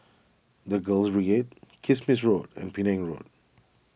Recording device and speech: boundary microphone (BM630), read sentence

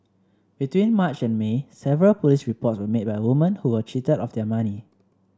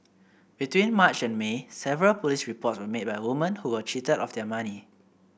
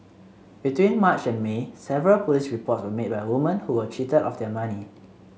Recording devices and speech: standing microphone (AKG C214), boundary microphone (BM630), mobile phone (Samsung C7), read sentence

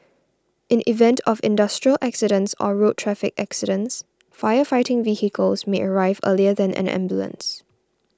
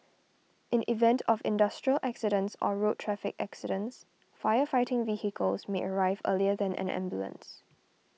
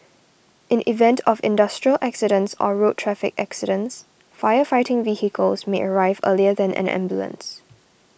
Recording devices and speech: standing microphone (AKG C214), mobile phone (iPhone 6), boundary microphone (BM630), read sentence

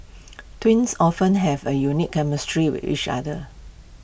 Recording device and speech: boundary microphone (BM630), read sentence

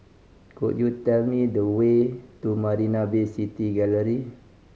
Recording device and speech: mobile phone (Samsung C5010), read sentence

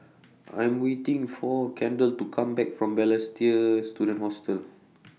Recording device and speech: mobile phone (iPhone 6), read sentence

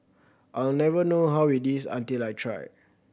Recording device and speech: boundary microphone (BM630), read sentence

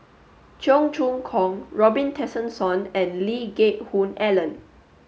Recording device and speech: mobile phone (Samsung S8), read sentence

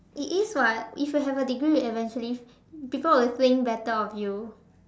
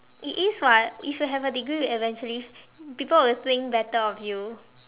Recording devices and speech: standing microphone, telephone, conversation in separate rooms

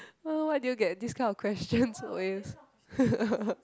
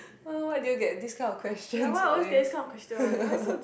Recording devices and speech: close-talking microphone, boundary microphone, conversation in the same room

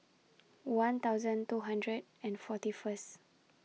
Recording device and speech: mobile phone (iPhone 6), read sentence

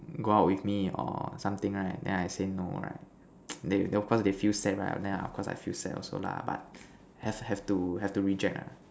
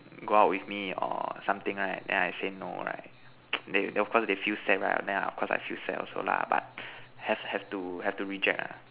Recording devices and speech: standing microphone, telephone, conversation in separate rooms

